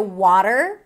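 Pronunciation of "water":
'Water' is said with an American English pronunciation: an open ah sound, a flap T, and an R that is pronounced.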